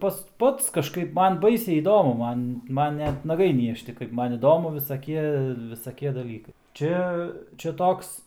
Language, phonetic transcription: Lithuanian, ˈpas ˈpats kažˈkaip ˈman ˈbaisiai įˈdomu ˈman ˈman ˈnet naˈgai ˈniežti kaip ˈman iˈdomu visaˈkie visaˈkie daˈlykai ˈčia čia ˈtoks

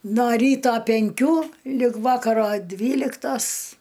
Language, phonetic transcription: Lithuanian, no ˈryto penˈkių lig ˈvakaro ˈdvyliktos

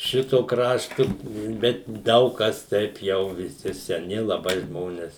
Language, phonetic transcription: Lithuanian, ˈšito ˈkraštu ˈbet ˈdaug ˈkas ˈteip jau viˈsi seˈni laˈbai ˈžmones

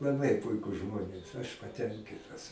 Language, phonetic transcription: Lithuanian, laˈbai ˈpuikus ˈžmonės aš paˈtenkitas

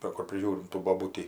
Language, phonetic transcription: Lithuanian, va ˈkur priˈžiūrim tų boˈbūtį

